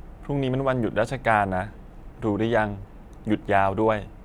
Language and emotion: Thai, neutral